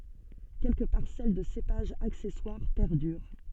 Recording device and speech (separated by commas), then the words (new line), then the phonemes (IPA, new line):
soft in-ear microphone, read sentence
Quelques parcelles de cépages accessoires perdurent.
kɛlkə paʁsɛl də sepaʒz aksɛswaʁ pɛʁdyʁ